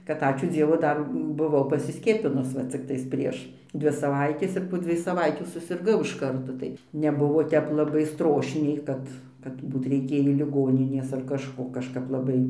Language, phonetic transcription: Lithuanian, kad ˈačiū ˈdzievu ˈdar buˈvau pasiˈskiepinus ˈva cikˈtais ˈprieš ˈdvi saˈvaitės ir po ˈdzviej saˈvaitių susirˈgau iš ˈkarto tai neˈbuvo ˈtep laˈbai ˈstrošniai ˈkad kad ˈbūt reiˈkėjį liˈgoninės ar kažˈko kažˈkap laˈbai

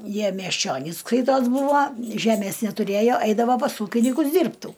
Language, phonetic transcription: Lithuanian, ˈjie miesˈčionys ˈskaitos ˈbūvo ˈžemės netuˈrėjo ˈaidavo pas ˈūkinikus ˈdyrbtų

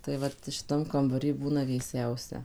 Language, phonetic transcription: Lithuanian, tai ˈvat šiˈtam kambaˈry ˈbūna vėˈsiausia

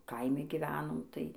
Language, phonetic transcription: Lithuanian, ˈkaimi giˈvenom tai

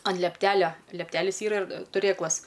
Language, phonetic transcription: Lithuanian, an liepˈtelia liepˈtelis ˈyra ir tuˈrėklas

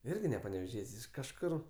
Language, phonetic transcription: Lithuanian, ˈirgi ne paneveˈžiet's' iš kažˈkur

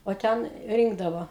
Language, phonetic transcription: Lithuanian, o ˈten ˈrynkdavo

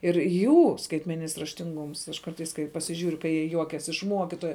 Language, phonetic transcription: Lithuanian, ir ˈjų skaitmeˈninis raštinˈgums aš ˈkartais kai pasiˈžiūriu kai jie ˈjuokias iš ˈmuokitoja

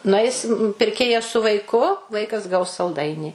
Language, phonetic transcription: Lithuanian, nuˈaisim pirˈkėjas su vaiˈku ˈvaikas gaus salˈdainį

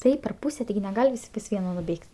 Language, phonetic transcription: Lithuanian, ˈtaip per ˈpūse tiˈgi neˈgal' ˈvis' pas ˈvieno nuˈbėg't'

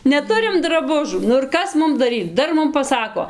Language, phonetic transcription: Lithuanian, neˈturim draˈbužų nu ir ˈkas ˈmum daˈryc ˈdar ˈmum paˈsako

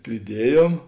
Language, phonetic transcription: Lithuanian, priˈdiejom

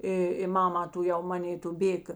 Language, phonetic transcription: Lithuanian, ˈi i ˈmama tuˈjau ˈmanė tu ˈbėk

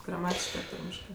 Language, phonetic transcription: Lithuanian, graˈmatiškɜ ar ˈtarmiškɜ

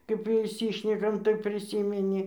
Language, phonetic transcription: Lithuanian, kaip išˈsyšnekam tai priˈsymeni

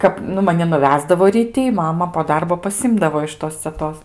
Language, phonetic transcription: Lithuanian, ˈkap nu maˈni nuˈvesdavo ryˈti i ˈmama po ˈdarbo paˈsimdavo iš ˈtos ceˈtos

